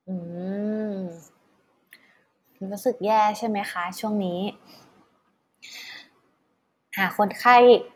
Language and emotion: Thai, neutral